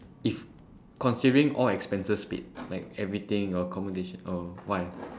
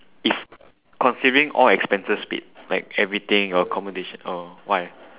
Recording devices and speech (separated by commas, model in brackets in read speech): standing microphone, telephone, conversation in separate rooms